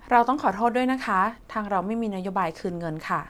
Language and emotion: Thai, neutral